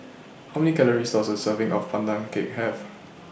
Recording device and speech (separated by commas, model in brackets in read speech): boundary microphone (BM630), read sentence